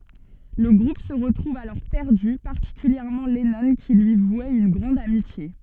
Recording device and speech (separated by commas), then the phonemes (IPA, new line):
soft in-ear microphone, read sentence
lə ɡʁup sə ʁətʁuv alɔʁ pɛʁdy paʁtikyljɛʁmɑ̃ lɛnɔ̃ ki lyi vwɛt yn ɡʁɑ̃d amitje